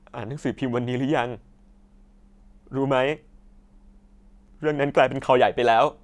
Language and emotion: Thai, sad